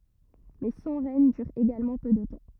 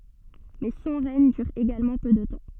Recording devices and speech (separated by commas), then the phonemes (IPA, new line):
rigid in-ear microphone, soft in-ear microphone, read sentence
mɛ sɔ̃ ʁɛɲ dyʁ eɡalmɑ̃ pø də tɑ̃